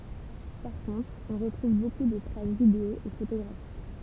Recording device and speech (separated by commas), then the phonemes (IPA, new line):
temple vibration pickup, read sentence
paʁ kɔ̃tʁ ɔ̃ ʁətʁuv boku də tʁas video e fotoɡʁafik